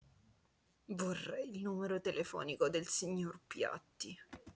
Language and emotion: Italian, disgusted